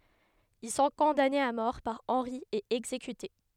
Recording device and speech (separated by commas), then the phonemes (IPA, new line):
headset microphone, read sentence
il sɔ̃ kɔ̃danez a mɔʁ paʁ ɑ̃ʁi e ɛɡzekyte